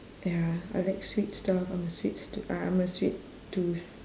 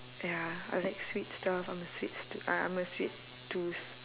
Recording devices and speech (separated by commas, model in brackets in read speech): standing microphone, telephone, conversation in separate rooms